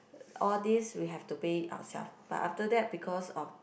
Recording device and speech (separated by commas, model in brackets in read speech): boundary microphone, conversation in the same room